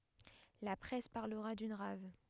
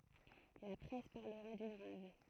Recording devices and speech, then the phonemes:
headset microphone, throat microphone, read sentence
la pʁɛs paʁləʁa dyn ʁav

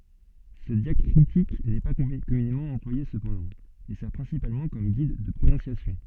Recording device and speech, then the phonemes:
soft in-ear microphone, read sentence
sə djakʁitik nɛ pa kɔmynemɑ̃ ɑ̃plwaje səpɑ̃dɑ̃ e sɛʁ pʁɛ̃sipalmɑ̃ kɔm ɡid də pʁonɔ̃sjasjɔ̃

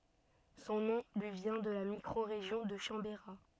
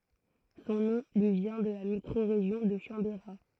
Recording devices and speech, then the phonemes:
soft in-ear microphone, throat microphone, read sentence
sɔ̃ nɔ̃ lyi vjɛ̃ də la mikʁoʁeʒjɔ̃ də ʃɑ̃beʁa

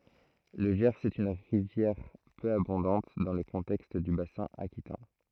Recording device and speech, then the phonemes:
throat microphone, read sentence
lə ʒɛʁz ɛt yn ʁivjɛʁ pø abɔ̃dɑ̃t dɑ̃ lə kɔ̃tɛkst dy basɛ̃ akitɛ̃

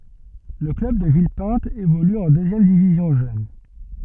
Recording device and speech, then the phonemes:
soft in-ear microphone, read sentence
lə klœb də vilpɛ̃t evoly ɑ̃ døzjɛm divizjɔ̃ ʒøn

